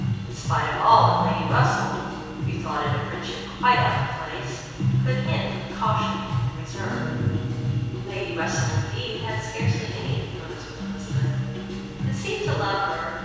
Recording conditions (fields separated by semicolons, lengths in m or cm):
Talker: one person; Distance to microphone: 7.1 m; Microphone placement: far; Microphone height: 1.7 m; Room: very reverberant, large; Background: music